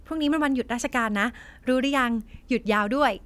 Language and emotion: Thai, happy